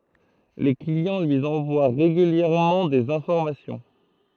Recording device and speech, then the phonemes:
throat microphone, read sentence
le kliɑ̃ lyi ɑ̃vwa ʁeɡyljɛʁmɑ̃ dez ɛ̃fɔʁmasjɔ̃

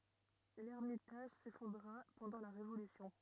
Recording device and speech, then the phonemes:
rigid in-ear microphone, read sentence
lɛʁmitaʒ sefɔ̃dʁa pɑ̃dɑ̃ la ʁevolysjɔ̃

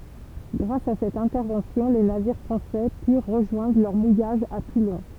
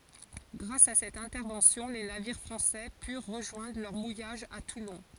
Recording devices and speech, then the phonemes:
temple vibration pickup, forehead accelerometer, read sentence
ɡʁas a sɛt ɛ̃tɛʁvɑ̃sjɔ̃ le naviʁ fʁɑ̃sɛ pyʁ ʁəʒwɛ̃dʁ lœʁ mujaʒ a tulɔ̃

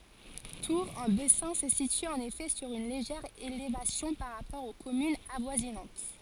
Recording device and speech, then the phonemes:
forehead accelerometer, read sentence
tuʁ ɑ̃ bɛsɛ̃ sə sity ɑ̃n efɛ syʁ yn leʒɛʁ elevasjɔ̃ paʁ ʁapɔʁ o kɔmynz avwazinɑ̃t

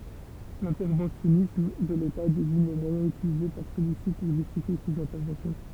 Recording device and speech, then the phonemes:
temple vibration pickup, read sentence
lɛ̃tɛʁvɑ̃sjɔnism də leta deziɲ le mwajɛ̃z ytilize paʁ səlyi si puʁ ʒystifje sez ɛ̃tɛʁvɑ̃sjɔ̃

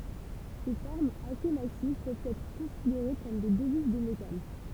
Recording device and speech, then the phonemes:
temple vibration pickup, read sentence
se fɔʁmz ase masiv pøvt ɛtʁ kɔ̃sideʁe kɔm de dəviz də metal

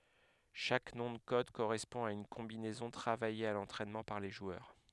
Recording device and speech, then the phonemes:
headset microphone, read sentence
ʃak nɔ̃ də kɔd koʁɛspɔ̃ a yn kɔ̃binɛzɔ̃ tʁavaje a lɑ̃tʁɛnmɑ̃ paʁ le ʒwœʁ

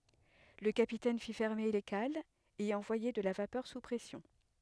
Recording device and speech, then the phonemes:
headset microphone, read sentence
lə kapitɛn fi fɛʁme le kalz e ɑ̃vwaje də la vapœʁ su pʁɛsjɔ̃

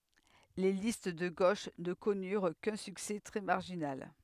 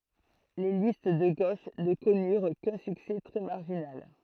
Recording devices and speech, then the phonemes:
headset microphone, throat microphone, read sentence
le list də ɡoʃ nə kɔnyʁ kœ̃ syksɛ tʁɛ maʁʒinal

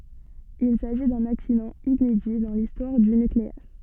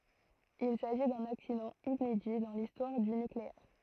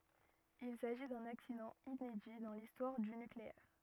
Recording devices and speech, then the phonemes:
soft in-ear microphone, throat microphone, rigid in-ear microphone, read sentence
il saʒi dœ̃n aksidɑ̃ inedi dɑ̃ listwaʁ dy nykleɛʁ

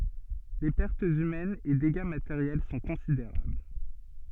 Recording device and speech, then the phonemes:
soft in-ear microphone, read sentence
le pɛʁtz ymɛnz e deɡa mateʁjɛl sɔ̃ kɔ̃sideʁabl

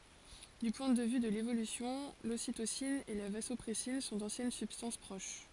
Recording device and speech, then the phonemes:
forehead accelerometer, read sentence
dy pwɛ̃ də vy də levolysjɔ̃ lositosin e la vazɔpʁɛsin sɔ̃ dɑ̃sjɛn sybstɑ̃s pʁoʃ

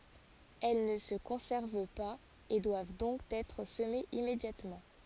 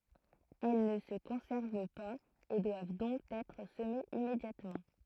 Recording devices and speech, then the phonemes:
forehead accelerometer, throat microphone, read sentence
ɛl nə sə kɔ̃sɛʁv paz e dwav dɔ̃k ɛtʁ səmez immedjatmɑ̃

